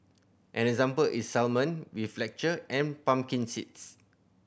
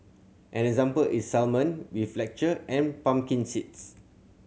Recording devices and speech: boundary microphone (BM630), mobile phone (Samsung C7100), read sentence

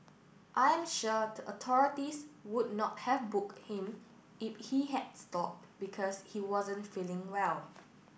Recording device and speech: boundary microphone (BM630), read sentence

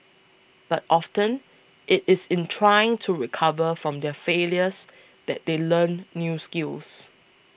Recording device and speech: boundary microphone (BM630), read sentence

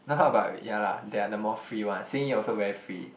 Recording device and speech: boundary microphone, conversation in the same room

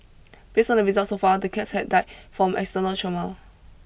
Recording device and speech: boundary microphone (BM630), read sentence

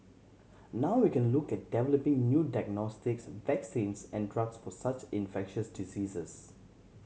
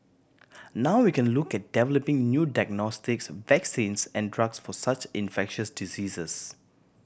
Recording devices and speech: mobile phone (Samsung C7100), boundary microphone (BM630), read sentence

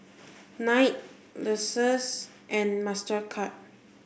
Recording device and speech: boundary microphone (BM630), read sentence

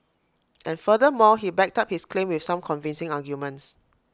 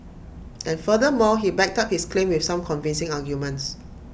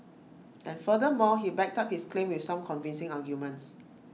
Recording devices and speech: close-talking microphone (WH20), boundary microphone (BM630), mobile phone (iPhone 6), read sentence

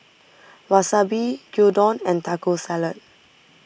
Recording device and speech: boundary microphone (BM630), read sentence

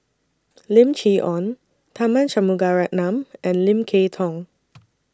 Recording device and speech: standing microphone (AKG C214), read sentence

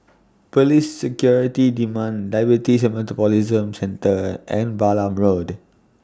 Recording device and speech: standing microphone (AKG C214), read sentence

